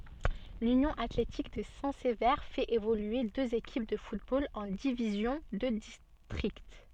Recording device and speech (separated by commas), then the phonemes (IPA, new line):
soft in-ear microphone, read sentence
lynjɔ̃ atletik də sɛ̃ səve fɛt evolye døz ekip də futbol ɑ̃ divizjɔ̃ də distʁikt